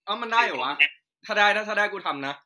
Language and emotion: Thai, neutral